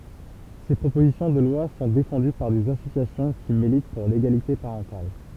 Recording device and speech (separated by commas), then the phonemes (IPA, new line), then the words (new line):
temple vibration pickup, read sentence
se pʁopozisjɔ̃ də lwa sɔ̃ defɑ̃dy paʁ dez asosjasjɔ̃ ki milit puʁ leɡalite paʁɑ̃tal
Ces propositions de loi sont défendues par des associations qui militent pour l'égalité parentale.